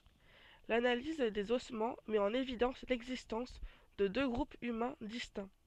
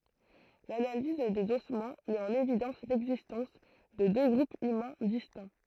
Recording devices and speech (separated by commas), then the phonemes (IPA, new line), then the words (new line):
soft in-ear microphone, throat microphone, read sentence
lanaliz dez ɔsmɑ̃ mɛt ɑ̃n evidɑ̃s lɛɡzistɑ̃s də dø ɡʁupz ymɛ̃ distɛ̃
L'analyse des ossements met en évidence l'existence de deux groupes humains distincts.